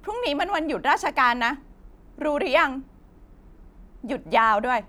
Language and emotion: Thai, sad